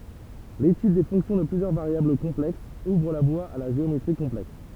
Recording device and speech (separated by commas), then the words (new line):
temple vibration pickup, read sentence
L'étude des fonctions de plusieurs variables complexes ouvre la voie à la géométrie complexe.